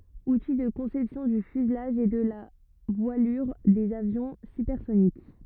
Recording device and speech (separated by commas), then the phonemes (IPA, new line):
rigid in-ear microphone, read sentence
uti də kɔ̃sɛpsjɔ̃ dy fyzlaʒ e də la vwalyʁ dez avjɔ̃ sypɛʁsonik